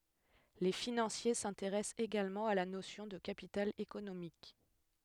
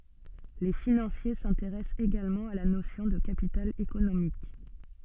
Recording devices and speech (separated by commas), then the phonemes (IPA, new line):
headset microphone, soft in-ear microphone, read sentence
le finɑ̃sje sɛ̃teʁɛst eɡalmɑ̃ a la nosjɔ̃ də kapital ekonomik